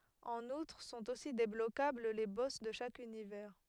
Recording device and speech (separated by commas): headset microphone, read sentence